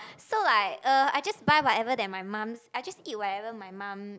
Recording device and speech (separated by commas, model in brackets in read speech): close-talking microphone, conversation in the same room